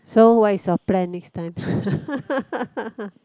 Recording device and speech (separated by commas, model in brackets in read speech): close-talking microphone, conversation in the same room